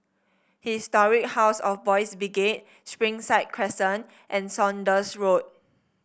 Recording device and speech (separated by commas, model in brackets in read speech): boundary microphone (BM630), read sentence